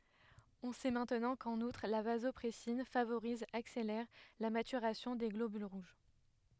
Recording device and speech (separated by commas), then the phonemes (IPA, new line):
headset microphone, read sentence
ɔ̃ sɛ mɛ̃tnɑ̃ kɑ̃n utʁ la vazɔpʁɛsin favoʁiz akselɛʁ la matyʁasjɔ̃ de ɡlobyl ʁuʒ